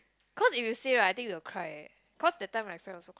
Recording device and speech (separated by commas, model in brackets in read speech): close-talking microphone, conversation in the same room